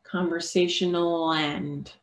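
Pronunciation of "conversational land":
In 'conversational and', there is no pause between the words: the L at the end of 'conversational' links to the a of 'and'.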